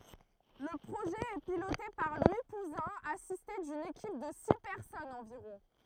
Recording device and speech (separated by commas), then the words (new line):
throat microphone, read sentence
Le projet est piloté par Louis Pouzin, assisté d'une équipe de six personnes environ.